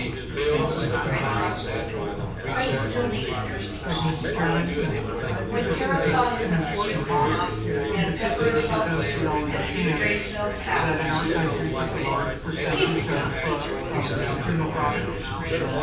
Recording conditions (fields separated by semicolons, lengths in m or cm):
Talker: one person; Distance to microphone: 9.8 m; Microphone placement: far; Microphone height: 1.8 m; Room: large; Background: babble